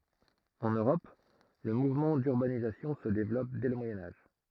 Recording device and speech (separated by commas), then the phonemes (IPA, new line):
throat microphone, read sentence
ɑ̃n øʁɔp lə muvmɑ̃ dyʁbanizasjɔ̃ sə devlɔp dɛ lə mwajɛ̃ aʒ